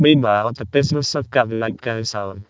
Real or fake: fake